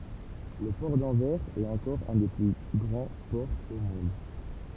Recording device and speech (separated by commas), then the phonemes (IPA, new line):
temple vibration pickup, read sentence
lə pɔʁ dɑ̃vɛʁz ɛt ɑ̃kɔʁ œ̃ de ply ɡʁɑ̃ pɔʁz o mɔ̃d